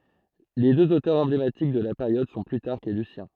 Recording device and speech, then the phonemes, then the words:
throat microphone, read sentence
le døz otœʁz ɑ̃blematik də la peʁjɔd sɔ̃ plytaʁk e lysjɛ̃
Les deux auteurs emblématiques de la période sont Plutarque et Lucien.

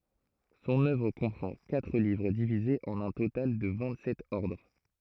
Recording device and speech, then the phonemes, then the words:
throat microphone, read sentence
sɔ̃n œvʁ kɔ̃pʁɑ̃ katʁ livʁ divizez ɑ̃n œ̃ total də vɛ̃t sɛt ɔʁdʁ
Son œuvre comprend quatre livres divisés en un total de vingt-sept ordres.

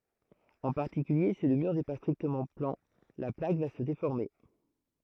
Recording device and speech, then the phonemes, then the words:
throat microphone, read sentence
ɑ̃ paʁtikylje si lə myʁ nɛ pa stʁiktəmɑ̃ plɑ̃ la plak va sə defɔʁme
En particulier, si le mur n'est pas strictement plan, la plaque va se déformer.

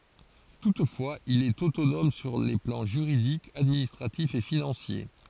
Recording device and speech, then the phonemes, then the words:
forehead accelerometer, read sentence
tutfwaz il ɛt otonɔm syʁ le plɑ̃ ʒyʁidik administʁatif e finɑ̃sje
Toutefois, il est autonome sur les plans juridique, administratif et financier.

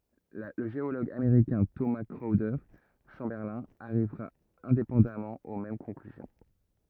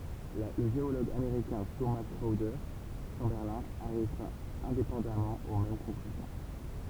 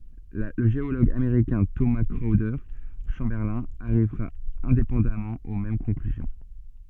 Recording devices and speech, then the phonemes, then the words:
rigid in-ear microphone, temple vibration pickup, soft in-ear microphone, read sentence
lə ʒeoloɡ ameʁikɛ̃ toma kʁɔwde ʃɑ̃bɛʁlɛ̃ aʁivʁa ɛ̃depɑ̃damɑ̃ o mɛm kɔ̃klyzjɔ̃
Le géologue américain Thomas Chrowder Chamberlin arrivera indépendamment aux mêmes conclusions.

